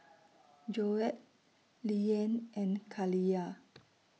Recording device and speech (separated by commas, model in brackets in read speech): mobile phone (iPhone 6), read sentence